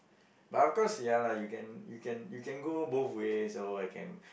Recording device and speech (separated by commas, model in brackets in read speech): boundary microphone, conversation in the same room